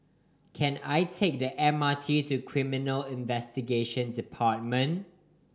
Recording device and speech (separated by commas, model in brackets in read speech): standing microphone (AKG C214), read sentence